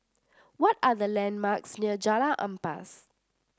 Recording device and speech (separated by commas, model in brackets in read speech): standing microphone (AKG C214), read sentence